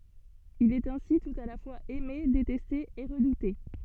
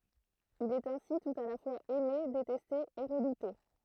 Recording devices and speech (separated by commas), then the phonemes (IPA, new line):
soft in-ear microphone, throat microphone, read sentence
il ɛt ɛ̃si tut a la fwaz ɛme detɛste e ʁədute